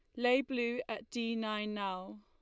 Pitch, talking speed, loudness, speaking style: 225 Hz, 180 wpm, -36 LUFS, Lombard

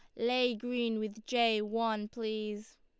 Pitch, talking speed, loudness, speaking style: 225 Hz, 140 wpm, -33 LUFS, Lombard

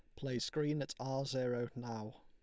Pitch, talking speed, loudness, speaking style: 130 Hz, 180 wpm, -39 LUFS, Lombard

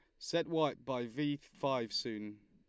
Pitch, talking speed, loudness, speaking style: 135 Hz, 155 wpm, -37 LUFS, Lombard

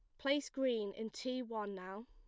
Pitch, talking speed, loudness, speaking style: 225 Hz, 195 wpm, -40 LUFS, plain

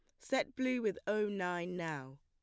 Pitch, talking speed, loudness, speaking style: 185 Hz, 180 wpm, -37 LUFS, plain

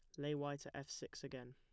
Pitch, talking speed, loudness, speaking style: 140 Hz, 270 wpm, -47 LUFS, plain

